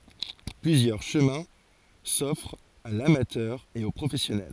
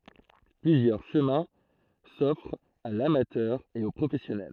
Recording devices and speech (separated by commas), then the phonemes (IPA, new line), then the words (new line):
forehead accelerometer, throat microphone, read sentence
plyzjœʁ ʃəmɛ̃ sɔfʁt a lamatœʁ e o pʁofɛsjɔnɛl
Plusieurs chemins s'offrent à l'amateur et au professionnel.